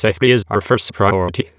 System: TTS, waveform concatenation